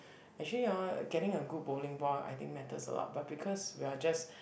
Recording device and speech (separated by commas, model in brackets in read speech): boundary microphone, conversation in the same room